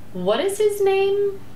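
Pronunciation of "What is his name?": The question 'What is his name?' is said with a falling intonation.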